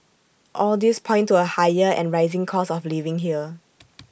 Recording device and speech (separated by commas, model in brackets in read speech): boundary microphone (BM630), read sentence